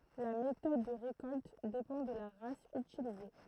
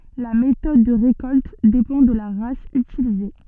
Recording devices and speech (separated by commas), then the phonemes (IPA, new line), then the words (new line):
throat microphone, soft in-ear microphone, read sentence
la metɔd də ʁekɔlt depɑ̃ də la ʁas ytilize
La méthode de récolte dépend de la race utilisée.